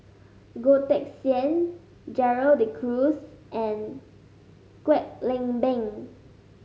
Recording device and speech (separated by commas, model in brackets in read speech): mobile phone (Samsung S8), read sentence